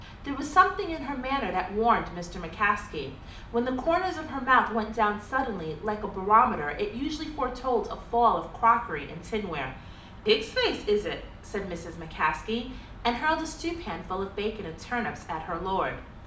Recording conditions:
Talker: one person; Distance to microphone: 2.0 m; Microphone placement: close; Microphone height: 99 cm; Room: medium-sized (5.7 m by 4.0 m); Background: none

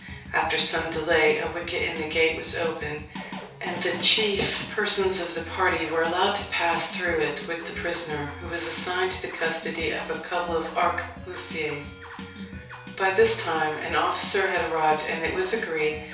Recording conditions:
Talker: one person; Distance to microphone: 3.0 m; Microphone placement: far; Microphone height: 1.8 m; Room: small (3.7 m by 2.7 m); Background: music

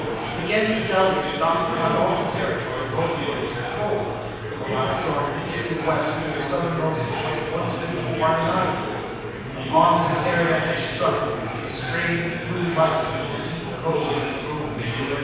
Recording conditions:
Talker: one person; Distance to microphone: 7.1 m; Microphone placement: far; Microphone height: 1.7 m; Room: very reverberant, large; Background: babble

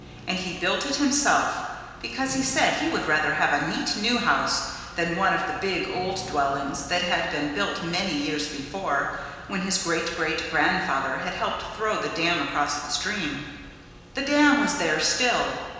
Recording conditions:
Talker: one person; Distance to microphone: 1.7 m; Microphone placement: close; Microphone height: 1.0 m; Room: very reverberant, large; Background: music

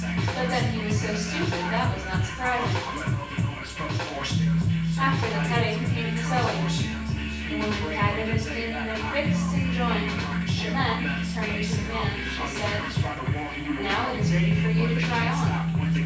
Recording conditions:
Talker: one person; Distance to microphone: 9.8 m; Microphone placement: far; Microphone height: 1.8 m; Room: large; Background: music

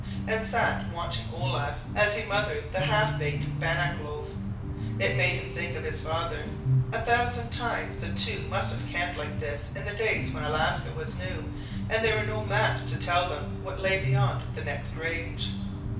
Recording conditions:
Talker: one person; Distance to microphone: 5.8 m; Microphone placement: far; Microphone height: 1.8 m; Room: medium-sized (5.7 m by 4.0 m); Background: music

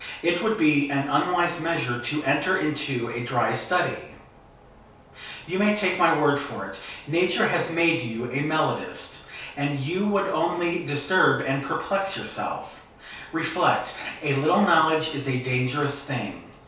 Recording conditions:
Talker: one person; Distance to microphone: 3.0 m; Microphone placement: far; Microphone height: 1.8 m; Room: small (3.7 m by 2.7 m); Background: none

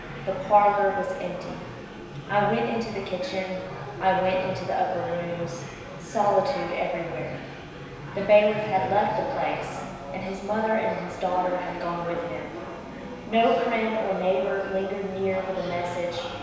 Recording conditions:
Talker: one person; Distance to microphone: 1.7 m; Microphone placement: close; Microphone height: 1.0 m; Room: very reverberant, large; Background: babble

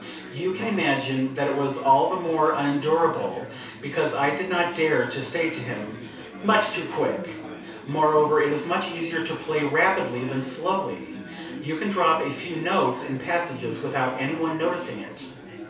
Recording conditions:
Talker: one person; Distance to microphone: 3.0 m; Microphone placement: far; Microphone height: 1.8 m; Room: small (3.7 m by 2.7 m); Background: babble

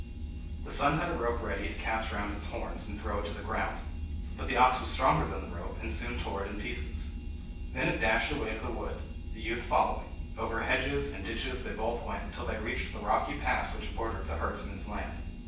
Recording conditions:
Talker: one person; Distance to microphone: 9.8 m; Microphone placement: far; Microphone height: 1.8 m; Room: large; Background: none

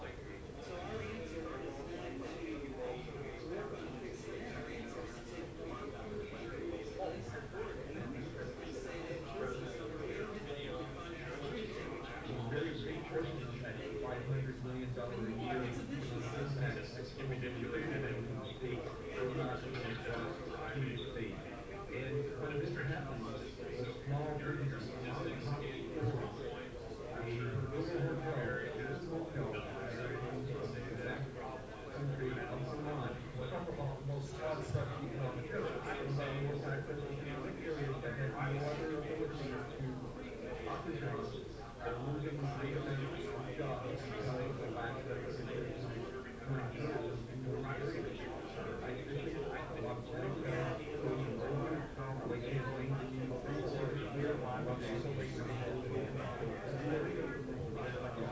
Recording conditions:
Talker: no one; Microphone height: 1.8 m; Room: medium-sized (5.7 m by 4.0 m); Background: babble

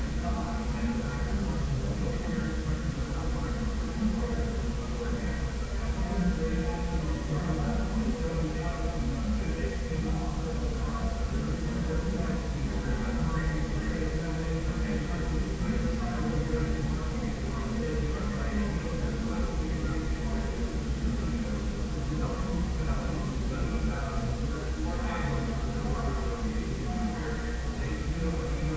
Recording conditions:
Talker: no one; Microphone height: 1.1 m; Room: very reverberant, large; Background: babble

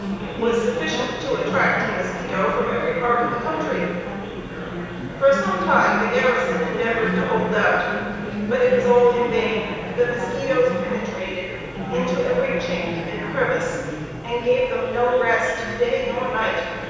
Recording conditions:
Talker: one person; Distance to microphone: 7.1 m; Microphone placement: far; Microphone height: 1.7 m; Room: very reverberant, large; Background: babble

